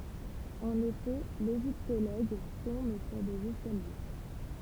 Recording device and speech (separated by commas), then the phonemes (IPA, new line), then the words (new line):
temple vibration pickup, read sentence
ɑ̃n efɛ leʒiptoloɡ tɔ̃b syʁ dez ɛskalje
En effet, l'égyptologue tombe sur des escaliers.